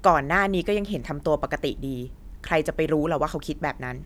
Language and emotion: Thai, neutral